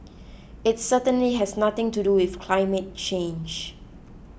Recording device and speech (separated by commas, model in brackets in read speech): boundary microphone (BM630), read sentence